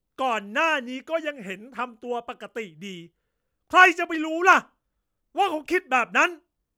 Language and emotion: Thai, angry